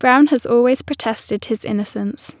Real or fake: real